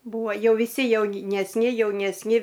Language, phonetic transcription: Lithuanian, ˈbūa ˈjau viˈsi jaunesˈni jaunesˈni

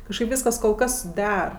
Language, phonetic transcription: Lithuanian, kažˈkaip ˈvyskas kol ˈkas ˈder

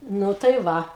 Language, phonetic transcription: Lithuanian, ˈnu tai ˈva

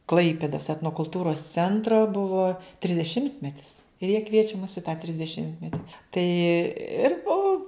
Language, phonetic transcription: Lithuanian, ˈklaipėdos etnokulˈtūros ˈcentro ˈbuvo trisdeˈšimtmetis ir jie ˈkviečia mus i tą trisdeˈšimtmeti ˈtai ir ˈo

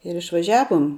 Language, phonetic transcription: Lithuanian, ir išvaˈžiavom

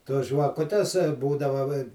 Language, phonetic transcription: Lithuanian, tos žvaˈkutes ˈbūdava va i

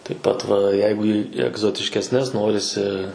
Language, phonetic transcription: Lithuanian, taip ˈpat va ˈjeigu į egzotiškesˈnes ˈnorisi

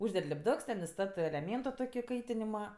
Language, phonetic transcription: Lithuanian, ˈužded' lipˈduks ten iˈstatɜ eleˈmėnto ˈtoki ˈkaitinima

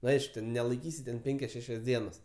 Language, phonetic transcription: Lithuanian, nu ˈaišku ten nelaiˈkysi ten ˈpenkias ˈšešias ˈdienas

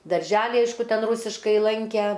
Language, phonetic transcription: Lithuanian, darˈželi ˈaišku ˈten ˈrūsiškai ˈlankæ

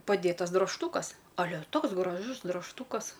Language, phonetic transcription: Lithuanian, paˈdėtas drožˈtūkas aˈle ˈtoks graˈžus dražˈtūkas

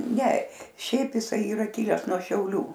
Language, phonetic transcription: Lithuanian, ne ˈšiaip jiˈsai yˈra ˈkiles nuo šiauˈlių

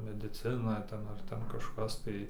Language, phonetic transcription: Lithuanian, mediˈcina ˈten ar ˈten kažˈkas tai

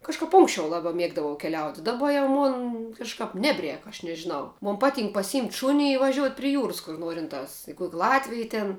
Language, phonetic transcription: Lithuanian, kažˈkap ˈunksčiau ˈlaba ˈmiegdavau keˈliauti daˈba jau ˈmon kažˈkāp ˈnebˌrēk aš nežiˈnau ˈmon ˈpaˌtynk pasiˈjymt' ˈšūni i vaˈžiuot' pri ˈjūras kur ˈnuorintās i kuok' ˈlatvij ten

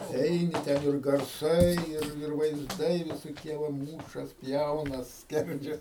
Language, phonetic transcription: Lithuanian, ˈeini ˈten ir garˈsai ˈir ir vaizˈdai visoˈkie va ˈmūšas ˈpjaunas ˈskerdžias

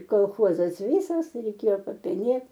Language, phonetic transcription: Lithuanian, kolˈchozas ˈvysas reiˈkėjo papeˈnėt

